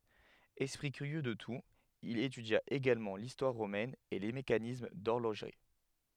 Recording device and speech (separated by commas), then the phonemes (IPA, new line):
headset microphone, read sentence
ɛspʁi kyʁjø də tut il etydja eɡalmɑ̃ listwaʁ ʁomɛn e le mekanism dɔʁloʒʁi